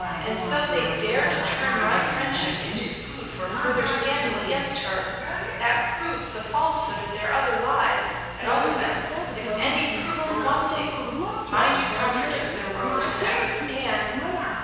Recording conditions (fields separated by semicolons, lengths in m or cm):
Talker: one person; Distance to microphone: 7.1 m; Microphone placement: far; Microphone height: 1.7 m; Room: very reverberant, large; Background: television